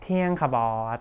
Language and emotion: Thai, frustrated